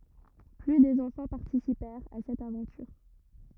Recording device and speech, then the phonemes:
rigid in-ear microphone, read sentence
ply də ɑ̃fɑ̃ paʁtisipɛʁt a sɛt avɑ̃tyʁ

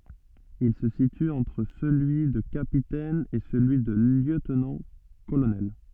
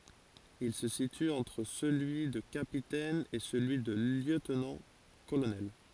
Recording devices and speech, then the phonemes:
soft in-ear microphone, forehead accelerometer, read sentence
il sə sity ɑ̃tʁ səlyi də kapitɛn e səlyi də ljøtnɑ̃tkolonɛl

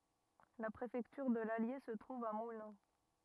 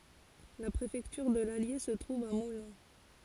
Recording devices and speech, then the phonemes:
rigid in-ear microphone, forehead accelerometer, read sentence
la pʁefɛktyʁ də lalje sə tʁuv a mulɛ̃

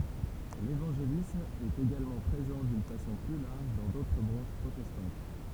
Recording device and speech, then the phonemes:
temple vibration pickup, read sentence
levɑ̃ʒelism ɛt eɡalmɑ̃ pʁezɑ̃ dyn fasɔ̃ ply laʁʒ dɑ̃ dotʁ bʁɑ̃ʃ pʁotɛstɑ̃t

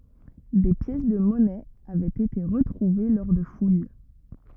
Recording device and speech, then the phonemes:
rigid in-ear microphone, read sentence
de pjɛs də mɔnɛz avɛt ete ʁətʁuve lɔʁ də fuj

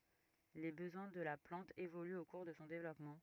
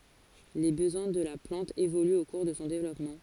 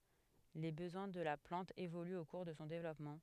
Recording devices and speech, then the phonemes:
rigid in-ear microphone, forehead accelerometer, headset microphone, read sentence
le bəzwɛ̃ də la plɑ̃t evolyt o kuʁ də sɔ̃ devlɔpmɑ̃

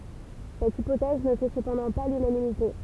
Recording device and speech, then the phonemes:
temple vibration pickup, read sentence
sɛt ipotɛz nə fɛ səpɑ̃dɑ̃ pa lynanimite

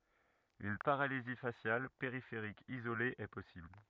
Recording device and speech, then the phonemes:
rigid in-ear microphone, read sentence
yn paʁalizi fasjal peʁifeʁik izole ɛ pɔsibl

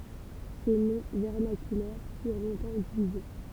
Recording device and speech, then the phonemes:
temple vibration pickup, read sentence
se nɔ̃ vɛʁnakylɛʁ fyʁ lɔ̃tɑ̃ ytilize

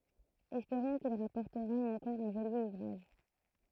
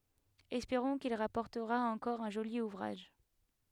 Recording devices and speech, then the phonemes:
throat microphone, headset microphone, read sentence
ɛspeʁɔ̃ kil ʁapɔʁtəʁa ɑ̃kɔʁ œ̃ ʒoli uvʁaʒ

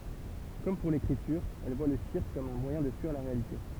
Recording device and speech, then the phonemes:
temple vibration pickup, read sentence
kɔm puʁ lekʁityʁ ɛl vwa lə siʁk kɔm œ̃ mwajɛ̃ də fyiʁ la ʁealite

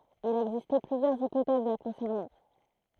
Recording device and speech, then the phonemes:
throat microphone, read sentence
il a ɛɡziste plyzjœʁz ipotɛz la kɔ̃sɛʁnɑ̃

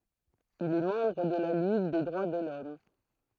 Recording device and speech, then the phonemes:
throat microphone, read sentence
il ɛ mɑ̃bʁ də la liɡ de dʁwa də lɔm

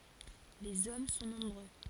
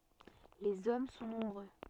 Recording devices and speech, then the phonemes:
forehead accelerometer, soft in-ear microphone, read sentence
lez ɔm sɔ̃ nɔ̃bʁø

